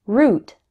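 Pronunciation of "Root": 'Root' is said with the OO sound, the same vowel as in 'food', not the vowel of 'good'.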